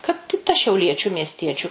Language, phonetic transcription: Lithuanian, kad i ˈta šiauˈliečiu miesˈtiečiu

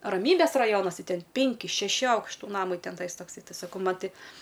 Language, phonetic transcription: Lithuanian, raˈmybės raˈjonas ˈtai ˈten ˈpinki šeˈši ˈaukštu ˈnamai ˈten ˈtais tokˈsai ˈtai saˈkau ˈman ˈti

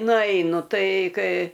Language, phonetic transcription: Lithuanian, nuˈeinu ˈtai ˈkai

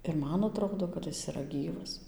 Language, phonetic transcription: Lithuanian, ir ˈman aˈtrodo kad ˈjis yˈra ˈgyvas

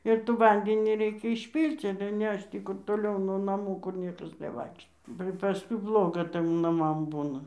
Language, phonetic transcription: Lithuanian, ir tų ˈvandenį ˈreikia išˈpyl'c' ale ˈnešč ˈtį kur toˈliau nuo naˈmų kur ˈniekas neˈvaikšto ba paˈskui ˈbloga ˈtɘm naˈmam ˈbūna

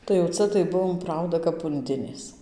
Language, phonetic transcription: Lithuanian, tai jau ˈca tai ˈbuvom ˈprauda kap unˈdinės

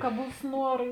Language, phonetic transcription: Lithuanian, ka ˈbūs ˈnuora

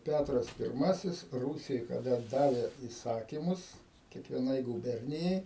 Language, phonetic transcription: Lithuanian, ˈpætras pirˈmasis ˈrūsijoj kaˈda ˈdavė įˈsakimus kiekvieˈnai gūˈbernijai

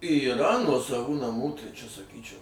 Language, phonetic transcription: Lithuanian, yˈra nuosaˈvų naˈmų tai ˈčia saˈkyčiau

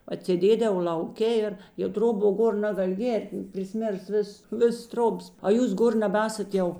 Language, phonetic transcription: Lithuanian, atsėˈdėdavo l'auˈke ir jau ˈtroˌbo ˈgor ˈnagal' ˈgėrt priˈsmėrs ˈvis ˈvis ˈtrobas a ˈjūs ˈgor nebaˈesat ˈjau

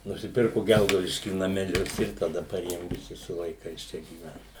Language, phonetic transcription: Lithuanian, nusiˈpirku ˈgelgaudišky nameˈlius ir taˈda paˈrėjom viˈsi su vaiˈkais ˈčia gyˈvent

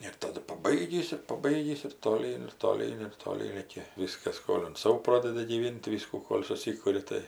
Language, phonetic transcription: Lithuanian, ir taˈdu paˈbaigįs ir paˈbaigįs ir toˈlyn ir toˈlyn ir toˈlyn ˈraikia ˈviskas ˈskolint ˈsau ˈprodedi gyˈvint tai ˈviskų ˈkol' suˈsikuri ˈtai

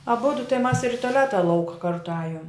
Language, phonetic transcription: Lithuanian, aˈbudu tai mas ir i toˈleta ˈlauka ˈkartu ˈajom

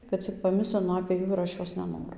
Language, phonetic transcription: Lithuanian, kad ˈcik paˈmislinu apė ˈjų ir ˈaš ˈjos neˈnoru

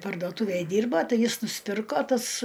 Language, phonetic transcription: Lithuanian, pardoˈtuvėj ˈdyrba ˈtai ˈjis nusˈpirko ˈtas

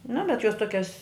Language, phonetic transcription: Lithuanian, nu bet jos ˈtuokias

